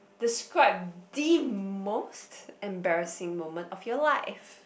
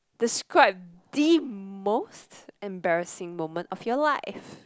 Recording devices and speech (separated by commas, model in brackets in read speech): boundary microphone, close-talking microphone, conversation in the same room